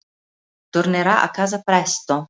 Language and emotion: Italian, neutral